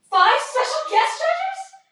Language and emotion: English, fearful